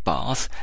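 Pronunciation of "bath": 'Bath' is said the way people in the south of England say it.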